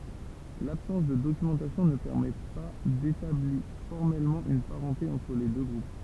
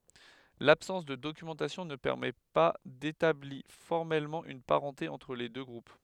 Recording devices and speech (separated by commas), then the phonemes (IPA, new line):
temple vibration pickup, headset microphone, read sentence
labsɑ̃s də dokymɑ̃tasjɔ̃ nə pɛʁmɛ pa detabli fɔʁmɛlmɑ̃ yn paʁɑ̃te ɑ̃tʁ le dø ɡʁup